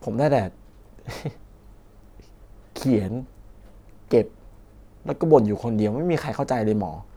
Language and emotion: Thai, frustrated